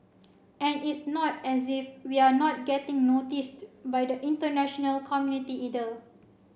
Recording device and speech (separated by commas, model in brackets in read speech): boundary microphone (BM630), read sentence